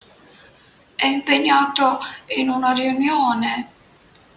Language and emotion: Italian, sad